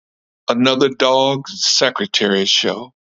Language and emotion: English, sad